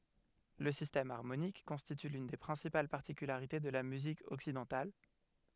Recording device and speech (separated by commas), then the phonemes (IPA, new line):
headset microphone, read sentence
lə sistɛm aʁmonik kɔ̃stity lyn de pʁɛ̃sipal paʁtikylaʁite də la myzik ɔksidɑ̃tal